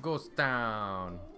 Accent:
Italian accent